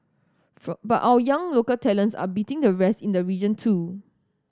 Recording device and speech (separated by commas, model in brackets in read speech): standing microphone (AKG C214), read sentence